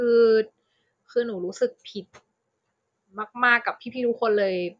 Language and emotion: Thai, sad